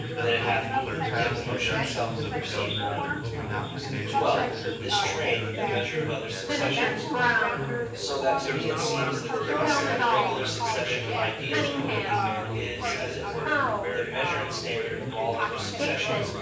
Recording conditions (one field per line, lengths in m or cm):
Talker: one person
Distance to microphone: 9.8 m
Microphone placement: far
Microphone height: 1.8 m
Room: large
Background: babble